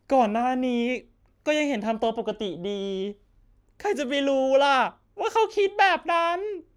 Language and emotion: Thai, sad